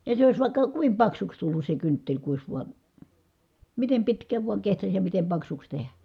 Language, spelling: Finnish, ja se olisi vaikka kuinka paksuksi tullut se kynttilä kun olisi vain miten pitkään vain kehtasi ja miten paksuksi tehdä
- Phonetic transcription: ja se ois vài̮kka , kuim paksuks tullus se kyntteĺ ku ois vuan̬ , mitem pitkääv vuaŋ kehtas ja mitem paksuks tehä .

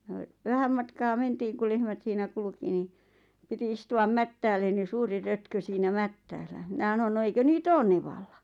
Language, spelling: Finnish, ja vähän matkaa mentiin kun lehmät siinä kulki niin piti istua mättäälle niin suuri rötkö siinä mättäällä minä sanoin no eikö niitä ole nevalla
- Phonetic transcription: ja , 'vähäm matkaa 'mentiiŋ ku 'lehmät siinä 'kulki ni , 'piti istu₍am "mättäälleⁿ ni 'suuri 'rötkö siinä "mättäällä minä ʰᵃnon » no 'eikö nii"t ‿oon nevalla ?

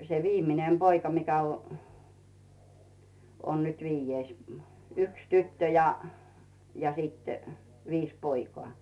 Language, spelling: Finnish, se viimeinen poika mikä - on nyt viides - yksi tyttö ja ja sitten viisi poikaa
- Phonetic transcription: se "viim̀inem 'Boika mikä o- , on nyt 'viijjeis mᴜ- , 'yks 'tyttö ja , ja sit , 'viis "poikoà .

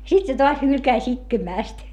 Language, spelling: Finnish, sitten se taas hylkäsi itkemästä
- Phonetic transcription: sit se toas hylkäⁱs ‿itkemä̀st .

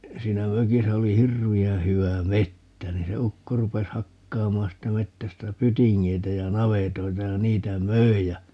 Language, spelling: Finnish, siinä mökissä oli hirveän hyvä metsä niin se ukko rupesi hakkaamaan siitä metsästä pytingeitä ja navetoita ja niitä myi ja
- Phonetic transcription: 'siinä "mökisä 'oli "hirvi₍ää̰ 'hy₍ä "mettä 'niin se "ukko 'rupes 'hakkaamaan 'siittä 'mettästä "pytiŋŋeitä ja "navetoita ja 'niitä "möi ja , .

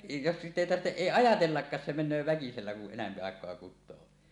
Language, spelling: Finnish, jos sitä ei tarvitse ei ajatellakaan se menee väkisellä kun enempi aikaa kutoo
- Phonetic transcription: jos , 'sitᵗ ‿èi 'tartteˀ "ˀèi "ajatellakkaas se men̆nöö väkisellä ku’ ’enämpi àek̀oa kut̆too .

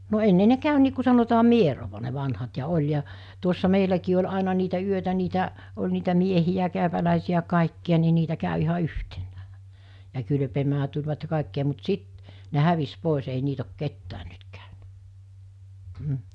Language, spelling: Finnish, no ennen ne kävi niin kuin sanotaan mieroa ne vanhat ja oli ja tuossa meilläkin oli aina niitä yötä niitä oli niitä miehiä käypäläisiä kaikkia niin niitä kävi ihan yhtenään ja kylpemään tulivat ja kaikkia mutta sitten ne hävisi pois ei niitä ole ketään nyt käynyt mm
- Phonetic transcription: no 'enne ne 'kä̀y nii ku sanotaa "mierova ne vanhat ja 'oĺ ja , tuossa 'meiläkii oĺ 'àena niitä 'yötä niitä , oĺ niitä 'miehijä 'kä̀öpälä̀esi₍ä 'kàikki₍a ni 'niitä kä̀ö iha "yhteɴᴀ̈ᴀ̈ , ja 'kylᵊpemää tuĺvat ja 'kàek(kia) mut 'sit , ne 'hävis 'pòes ei 'niit ‿ok 'kettään 'nyt kä̀ö(nä) , m̥ .

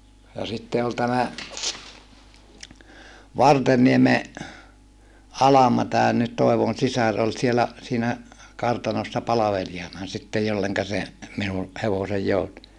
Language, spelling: Finnish, ja sitten oli tämä Vartenniemen Alma tämän nyt Toivon sisar oli siellä siinä kartanossa palvelijana sitten jolle se minun hevoseni joutui
- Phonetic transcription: ja sitte ol tämä , Vartennieme , Alama tään nyt Tòevon sisar ol sielä , siinä , kartanossa palaveli₍ana sittej jolleŋka se , minu , hevosej joutu .

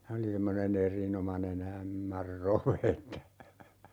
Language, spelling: Finnish, se oli semmoinen erinomainen ämmänrove että
- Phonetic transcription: ('se) oli 'semmone"n ‿erinomane'n ‿ ämmärrove että ,.

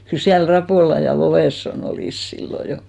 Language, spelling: Finnish, kyllä siellä Rapola ja Lovensson olivat silloin jo
- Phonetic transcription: 'kyl siäl "Rapòla ja 'Lovesso'n ‿olìs 'sillo 'jo .

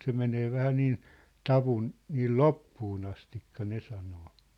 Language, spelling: Finnish, se menee vähän niin tavun niin loppuun asti ne sanoo
- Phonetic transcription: 'se menee 'vähä 'niin , "tavun , 'niil "loppuun ‿astikka 'ne sanoo .

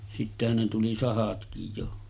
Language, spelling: Finnish, sittenhän ne tuli sahatkin jo
- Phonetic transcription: sittehän ne tuli 'sahatkij jo .

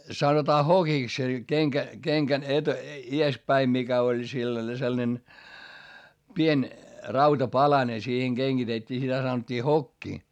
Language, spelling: Finnish, sanotaan hokiksi se kenkä kengän - edes päin mikä oli sellainen sellainen pieni rautapalanen siihen kengitettiin sitä sanottiin hokki
- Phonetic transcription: sanotaa hokiks se , keŋkä , keŋkän et- , ies päi mikä oĺ sillane selnen , pien , rautapalane siiheŋ GeŋGitettii sitä sanot́t́ii hokki .

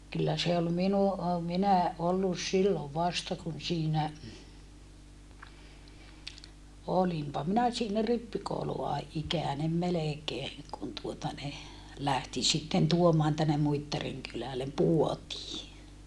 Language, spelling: Finnish, kyllä se oli minun - minä ollut silloin vasta kun siinä olinpa minä siinä rippikoulua ikäinen melkein kun tuota ne lähti sitten tuomaan tänne Muittarin kylälle puotiin
- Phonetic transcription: kyllä se ol minu ʼo- , minä ʼollus sillov vasta kun siinä , olimpa minä siinä rippikoulu₍a -ikä̀nem melekeeŋ kun tuota ne , lähti sitten tuomaan tänne Muittariŋ kylälem puotii .

